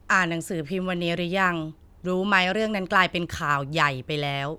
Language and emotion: Thai, neutral